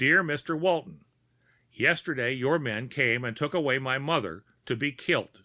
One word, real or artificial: real